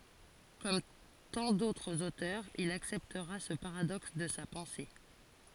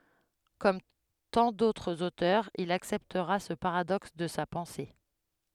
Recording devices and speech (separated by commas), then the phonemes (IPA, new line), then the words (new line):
forehead accelerometer, headset microphone, read sentence
kɔm tɑ̃ dotʁz otœʁz il aksɛptʁa sə paʁadɔks də sa pɑ̃se
Comme tant d'autres auteurs, il acceptera ce paradoxe de sa pensée.